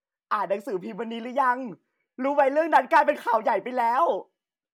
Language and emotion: Thai, happy